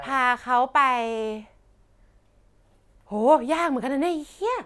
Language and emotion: Thai, frustrated